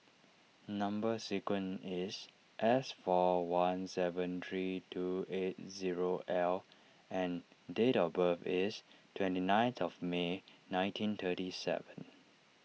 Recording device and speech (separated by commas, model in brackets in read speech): mobile phone (iPhone 6), read sentence